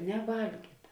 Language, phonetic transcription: Lithuanian, neˈvalgyta

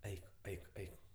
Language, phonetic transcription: Lithuanian, ˈeik ˈeik ˈeik

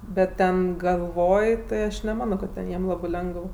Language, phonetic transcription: Lithuanian, ˈbet ˈten galˈvoj tai ˈaš neˈmano kad ˈten ˈjiem ˈlabɜ ˈlengəv

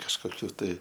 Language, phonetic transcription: Lithuanian, kažkoˈkių ˈtai

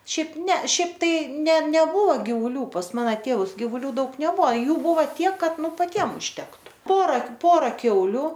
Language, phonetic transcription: Lithuanian, ˈšiaip ne ˈšiaip ˈtai ne neˈbuvo givuˈlių pas ˈmana ˈtėvus giyvuˈlių ˈdaug neˈbua ˈjų ˈbuva ˈtiek ˈkad ˈnu paˈtiem užtektu ˈpora ˈpora ˈkiauliu

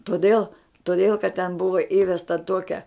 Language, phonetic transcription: Lithuanian, toˈdėl toˈdėl kad ten ˈbuva ˈįvesta ˈtuokia

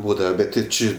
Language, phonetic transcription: Lithuanian, ˈbūdava ˈbet ti ˈči

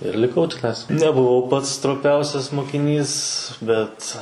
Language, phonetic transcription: Lithuanian, ir liˈkau tiˈnais nebuˈvau ˈpats stroˈpiausias mokiˈnys ˈbet

